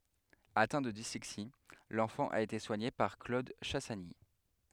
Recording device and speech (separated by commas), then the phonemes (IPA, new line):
headset microphone, read sentence
atɛ̃ də dislɛksi lɑ̃fɑ̃ a ete swaɲe paʁ klod ʃasaɲi